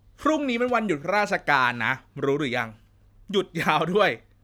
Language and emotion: Thai, happy